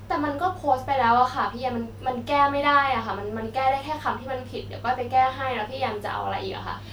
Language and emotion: Thai, frustrated